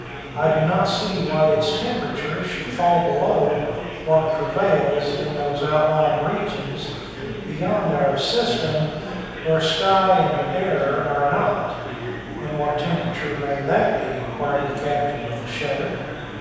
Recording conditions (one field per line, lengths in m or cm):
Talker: one person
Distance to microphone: 7.1 m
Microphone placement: far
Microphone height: 1.7 m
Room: very reverberant, large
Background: babble